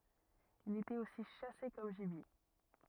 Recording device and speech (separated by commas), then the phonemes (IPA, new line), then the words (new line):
rigid in-ear microphone, read sentence
il etɛt osi ʃase kɔm ʒibje
Il était aussi chassé comme gibier.